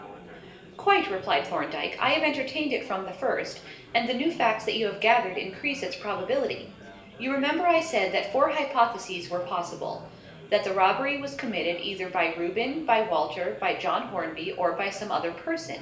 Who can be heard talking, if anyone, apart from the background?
One person.